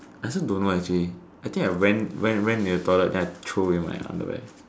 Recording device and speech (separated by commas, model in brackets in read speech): standing microphone, conversation in separate rooms